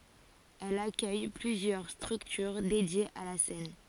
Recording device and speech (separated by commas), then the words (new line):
forehead accelerometer, read sentence
Elle accueille plusieurs structures dédiées à la scène.